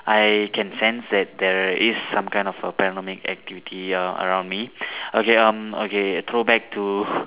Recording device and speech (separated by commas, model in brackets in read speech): telephone, conversation in separate rooms